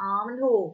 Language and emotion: Thai, frustrated